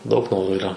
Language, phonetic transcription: Lithuanian, ˈdaug ˈnorų yˈra

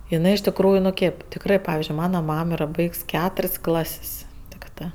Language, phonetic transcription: Lithuanian, iˈnɜ iš tikˈrųju nu ˈkėp tikˈrɜ ˈpavizdžiui ˈmana ˈmam ˈyra ˈbaigs ˈketur's' ˈklas's' tikˈtɜ

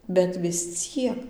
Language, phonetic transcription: Lithuanian, bet vis ˈciek

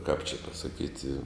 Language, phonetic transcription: Lithuanian, kap či pasaˈkyti

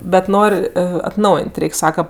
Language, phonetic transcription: Lithuanian, bet ˈnor' atˈnaujėn't' ˈreik' ˈsaka

